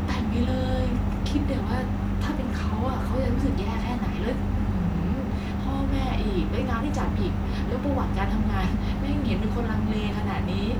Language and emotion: Thai, frustrated